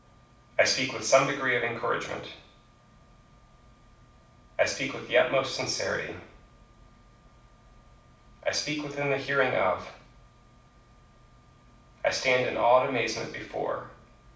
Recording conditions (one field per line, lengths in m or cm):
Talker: one person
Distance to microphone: 5.8 m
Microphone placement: far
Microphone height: 1.8 m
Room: medium-sized (5.7 m by 4.0 m)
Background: none